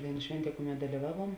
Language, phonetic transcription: Lithuanian, ˈdaiˌnų ˈšvenˌtie ˈkuˌmet daliˈvaˌvuom

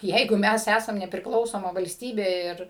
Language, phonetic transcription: Lithuanian, ˈjeigu ˈmæs ˈæsam neprikˈlausoma valsˈtybė ˈir

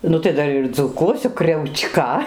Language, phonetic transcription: Lithuanian, ˈnu tai ˈdar ir dzūˈkuosiu kriauˈčka

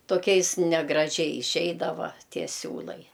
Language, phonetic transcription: Lithuanian, toˈkiais negraˈžiai iˈšeidava ˈtie ˈsiūlai

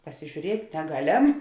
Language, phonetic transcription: Lithuanian, pasižiūˈriet' neˈgaˌlem

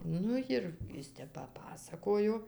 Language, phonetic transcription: Lithuanian, ˈnu jir ˈis ˈtep paˈpasakojo

